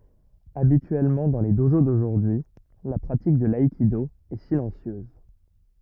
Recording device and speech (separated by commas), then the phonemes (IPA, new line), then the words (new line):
rigid in-ear microphone, read sentence
abityɛlmɑ̃ dɑ̃ le doʒo doʒuʁdyi la pʁatik də laikido ɛ silɑ̃sjøz
Habituellement dans les dojo d'aujourd'hui, la pratique de l'aïkido est silencieuse.